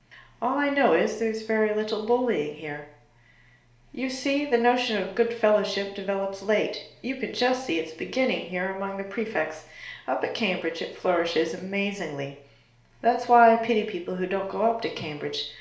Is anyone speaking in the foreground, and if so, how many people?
One person.